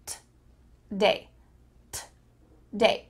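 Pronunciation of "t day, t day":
In 'today', the o sound is cut out, so only a t sound comes before 'day'.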